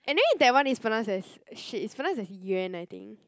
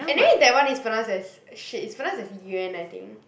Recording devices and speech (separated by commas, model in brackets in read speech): close-talking microphone, boundary microphone, conversation in the same room